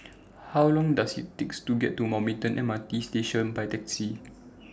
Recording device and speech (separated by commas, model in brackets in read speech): standing microphone (AKG C214), read sentence